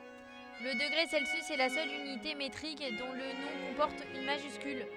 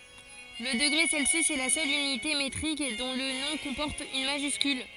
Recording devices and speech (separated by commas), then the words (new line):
headset microphone, forehead accelerometer, read sentence
Le degré Celsius est la seule unité métrique dont le nom comporte une majuscule.